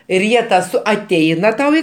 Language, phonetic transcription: Lithuanian, ir ˈjie ta ˈsu aˈteina ˈtau i

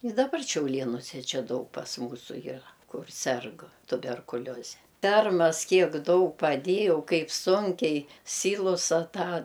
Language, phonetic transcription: Lithuanian, i daˈbar šiauˈlėnuse ˈčia ˈdaug pas ˈmūsu jyˈra ˈkur ˈserg tuberkuˈlioze ˈfermas ˈkiek ˈdaug paˈdėjau ˈkaip ˈsunkiai ˈsylusa ˈtą

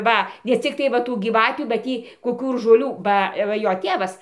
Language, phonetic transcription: Lithuanian, ˈva ne cikˈtai va ˈtų gyˈvatių ba ˈtį koˈkių ir žoˈlių ˈba ˈva ˈjo ˈtėvas

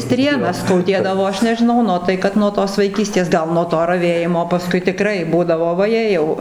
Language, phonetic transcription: Lithuanian, ˈstrėnas skauˈdėdavo ˈaš nežiˈnau ˈnu tai ˈkad nuo ˈtos vaiˈkystės ˈgal nuo ˈto raˈvėjimo paˈskui tiˈkrai ˈbūdavo vaˈjė jau

